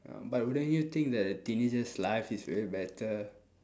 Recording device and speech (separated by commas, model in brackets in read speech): standing microphone, conversation in separate rooms